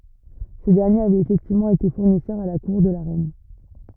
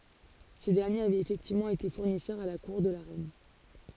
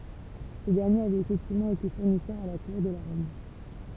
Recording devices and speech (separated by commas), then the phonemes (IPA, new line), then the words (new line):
rigid in-ear microphone, forehead accelerometer, temple vibration pickup, read sentence
sə dɛʁnjeʁ avɛt efɛktivmɑ̃ ete fuʁnisœʁ a la kuʁ də la ʁɛn
Ce dernier avait effectivement été fournisseur à la cour de la reine.